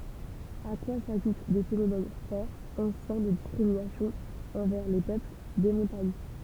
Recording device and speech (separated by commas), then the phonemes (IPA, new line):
temple vibration pickup, read sentence
a kwa saʒut de fenomɛn fɔʁ ɑ̃sjɛ̃ də diskʁiminasjɔ̃z ɑ̃vɛʁ le pøpl de mɔ̃taɲ